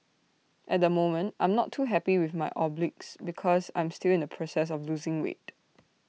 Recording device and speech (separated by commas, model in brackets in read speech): mobile phone (iPhone 6), read sentence